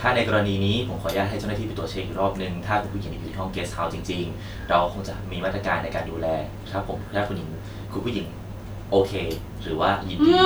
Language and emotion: Thai, neutral